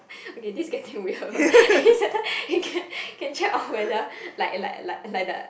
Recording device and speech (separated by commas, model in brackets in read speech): boundary microphone, conversation in the same room